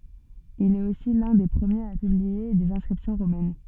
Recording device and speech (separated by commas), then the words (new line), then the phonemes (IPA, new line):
soft in-ear microphone, read sentence
Il est aussi l'un des premiers à publier des inscriptions romaines.
il ɛt osi lœ̃ de pʁəmjez a pyblie dez ɛ̃skʁipsjɔ̃ ʁomɛn